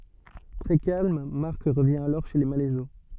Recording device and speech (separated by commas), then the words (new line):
soft in-ear microphone, read sentence
Très calme, Marc revient alors chez les Malaiseau.